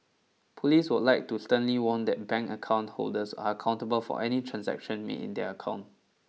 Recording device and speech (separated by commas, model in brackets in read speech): mobile phone (iPhone 6), read sentence